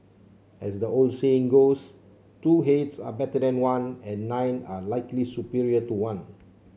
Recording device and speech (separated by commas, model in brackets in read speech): mobile phone (Samsung C7), read sentence